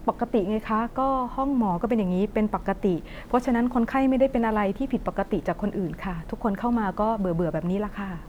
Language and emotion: Thai, neutral